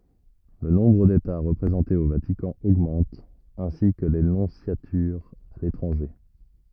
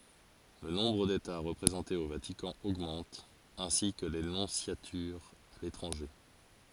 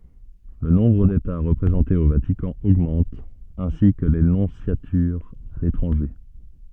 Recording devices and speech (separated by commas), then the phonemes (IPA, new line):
rigid in-ear microphone, forehead accelerometer, soft in-ear microphone, read sentence
lə nɔ̃bʁ deta ʁəpʁezɑ̃tez o vatikɑ̃ oɡmɑ̃t ɛ̃si kə le nɔ̃sjatyʁz a letʁɑ̃ʒe